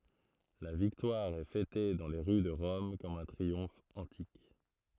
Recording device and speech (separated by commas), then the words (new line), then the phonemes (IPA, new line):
throat microphone, read sentence
La victoire est fêtée dans les rues de Rome comme un triomphe antique.
la viktwaʁ ɛ fɛte dɑ̃ le ʁy də ʁɔm kɔm œ̃ tʁiɔ̃f ɑ̃tik